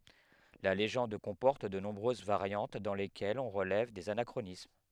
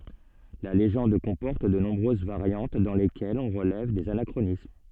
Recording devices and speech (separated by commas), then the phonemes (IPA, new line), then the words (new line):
headset microphone, soft in-ear microphone, read sentence
la leʒɑ̃d kɔ̃pɔʁt də nɔ̃bʁøz vaʁjɑ̃t dɑ̃ lekɛlz ɔ̃ ʁəlɛv dez anakʁonism
La légende comporte de nombreuses variantes dans lesquelles on relève des anachronismes.